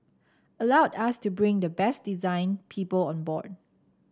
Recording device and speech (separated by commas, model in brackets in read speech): standing microphone (AKG C214), read sentence